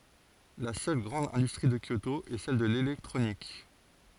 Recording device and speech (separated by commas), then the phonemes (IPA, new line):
forehead accelerometer, read sentence
la sœl ɡʁɑ̃d ɛ̃dystʁi də kjoto ɛ sɛl də lelɛktʁonik